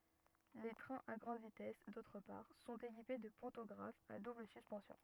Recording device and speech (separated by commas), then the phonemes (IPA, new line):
rigid in-ear microphone, read sentence
le tʁɛ̃z a ɡʁɑ̃d vitɛs dotʁ paʁ sɔ̃t ekipe də pɑ̃tɔɡʁafz a dubl syspɑ̃sjɔ̃